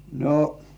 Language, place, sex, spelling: Finnish, Kurkijoki, male, no
- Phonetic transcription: no .

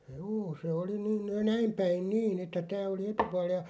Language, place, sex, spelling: Finnish, Loppi, male, juu se oli - näin päin niin että tämä oli etupuoli ja
- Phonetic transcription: juu se 'oli ni- "näim 'päin "niin ‿että 'tää oli "etupual ja ,.

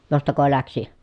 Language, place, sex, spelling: Finnish, Pielisjärvi, female, jostako lähti
- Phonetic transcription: jostako läksi ?

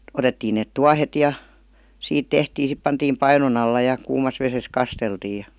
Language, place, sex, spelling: Finnish, Vihti, female, otettiin ne tuohet ja siitä tehtiin sitten pantiin painon alla ja kuumassa vedessä kasteltiin ja
- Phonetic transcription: 'otettiin nèt "tuahet ja , 'siit "tehtii sip 'pantiim "painon ‿alla ja , 'kuumas 'veses "kasteltiij̆ ja ,.

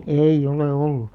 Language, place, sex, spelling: Finnish, Alastaro, female, ei ole ollut
- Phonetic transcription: ei'ʲ ‿ole 'ollu .

